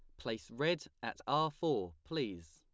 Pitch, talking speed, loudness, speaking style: 115 Hz, 155 wpm, -38 LUFS, plain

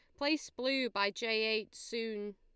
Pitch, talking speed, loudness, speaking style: 225 Hz, 165 wpm, -35 LUFS, Lombard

